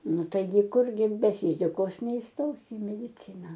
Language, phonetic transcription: Lithuanian, ˈnu ˈtaigi ˈkurgi be ˈfyzikos neįˈstosi i mediˈcina

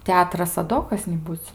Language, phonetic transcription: Lithuanian, ˈteatras a ˈdo kas niˈbūc

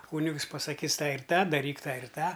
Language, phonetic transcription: Lithuanian, ˈkūnigs pasaˈkys ˈtą ir ˈtą daˈryk ˈtą ir ˈtą

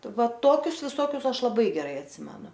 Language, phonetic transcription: Lithuanian, ˈva ˈtokius ˈvisokius ˈaš laˈbai geˈrai atˈsimenu

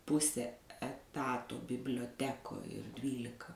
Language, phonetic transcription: Lithuanian, ˈpuse eˈtato biblioˈtekoj ir ˈdvylika

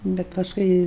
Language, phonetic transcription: Lithuanian, ˈbet pasˈkui

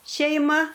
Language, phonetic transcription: Lithuanian, šeiˈma

